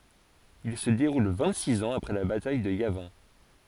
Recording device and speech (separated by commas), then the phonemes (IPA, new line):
forehead accelerometer, read sentence
il sə deʁul vɛ̃t siz ɑ̃z apʁɛ la bataj də javɛ̃